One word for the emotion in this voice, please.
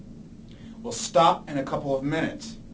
angry